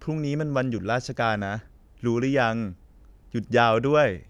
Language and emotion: Thai, happy